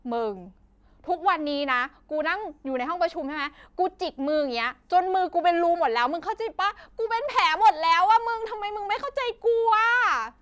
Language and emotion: Thai, angry